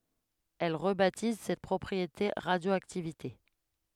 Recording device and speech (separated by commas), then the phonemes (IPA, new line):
headset microphone, read sentence
ɛl ʁəbatiz sɛt pʁɔpʁiete ʁadjoaktivite